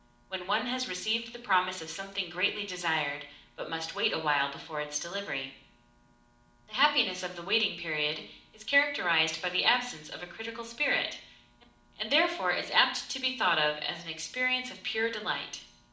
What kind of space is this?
A moderately sized room (about 5.7 m by 4.0 m).